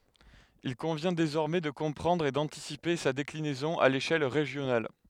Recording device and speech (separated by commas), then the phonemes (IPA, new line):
headset microphone, read sentence
il kɔ̃vjɛ̃ dezɔʁmɛ də kɔ̃pʁɑ̃dʁ e dɑ̃tisipe sa deklinɛzɔ̃ a leʃɛl ʁeʒjonal